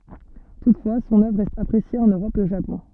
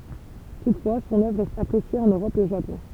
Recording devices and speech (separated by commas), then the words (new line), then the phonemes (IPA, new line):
soft in-ear microphone, temple vibration pickup, read sentence
Toutefois son œuvre reste appréciée en Europe et au Japon.
tutfwa sɔ̃n œvʁ ʁɛst apʁesje ɑ̃n øʁɔp e o ʒapɔ̃